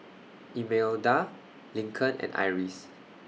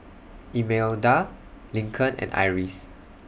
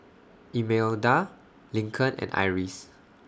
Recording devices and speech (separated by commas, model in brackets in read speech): mobile phone (iPhone 6), boundary microphone (BM630), standing microphone (AKG C214), read sentence